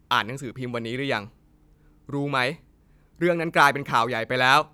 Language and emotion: Thai, angry